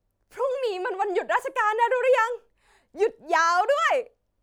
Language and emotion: Thai, happy